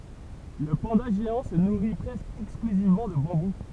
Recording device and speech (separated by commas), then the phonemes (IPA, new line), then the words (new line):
temple vibration pickup, read sentence
lə pɑ̃da ʒeɑ̃ sə nuʁi pʁɛskə ɛksklyzivmɑ̃ də bɑ̃bu
Le panda géant se nourrit presque exclusivement de bambou.